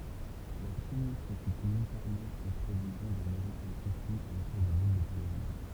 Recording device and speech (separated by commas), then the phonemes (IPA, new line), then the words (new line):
temple vibration pickup, read sentence
la ʃin sekip militɛʁmɑ̃ ɑ̃ pʁevizjɔ̃ dœ̃n evɑ̃tyɛl kɔ̃fli otuʁ də lil də tajwan
La Chine s'équipe militairement en prévision d'un éventuel conflit autour de l'île de Taïwan.